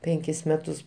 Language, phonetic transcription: Lithuanian, ˈpenkis ˈmetus

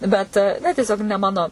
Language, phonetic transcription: Lithuanian, ˈbet ne tieˈsiog ne ˈmano

